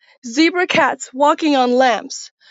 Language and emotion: English, sad